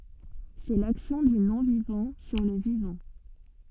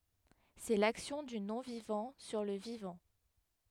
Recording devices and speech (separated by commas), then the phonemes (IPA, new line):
soft in-ear microphone, headset microphone, read sentence
sɛ laksjɔ̃ dy nɔ̃vivɑ̃ syʁ lə vivɑ̃